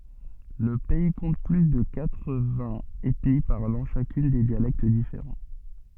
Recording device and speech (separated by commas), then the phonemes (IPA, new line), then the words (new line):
soft in-ear microphone, read sentence
lə pɛi kɔ̃t ply də katʁ vɛ̃z ɛtni paʁlɑ̃ ʃakyn de djalɛkt difeʁɑ̃
Le pays compte plus de quatre-vingts ethnies parlant chacune des dialectes différents.